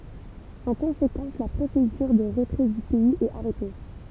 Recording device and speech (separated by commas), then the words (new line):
temple vibration pickup, read sentence
En conséquence, la procédure de retrait du pays est arrêtée.